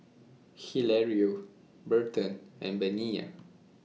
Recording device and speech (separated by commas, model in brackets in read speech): mobile phone (iPhone 6), read sentence